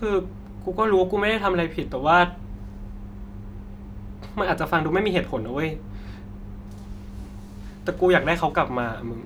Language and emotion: Thai, frustrated